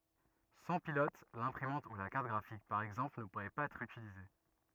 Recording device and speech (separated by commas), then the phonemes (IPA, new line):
rigid in-ear microphone, read sentence
sɑ̃ pilɔt lɛ̃pʁimɑ̃t u la kaʁt ɡʁafik paʁ ɛɡzɑ̃pl nə puʁɛ paz ɛtʁ ytilize